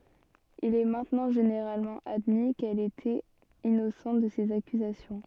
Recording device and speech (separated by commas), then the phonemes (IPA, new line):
soft in-ear microphone, read sentence
il ɛ mɛ̃tnɑ̃ ʒeneʁalmɑ̃ admi kɛl etɛt inosɑ̃t də sez akyzasjɔ̃